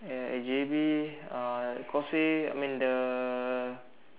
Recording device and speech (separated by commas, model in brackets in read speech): telephone, conversation in separate rooms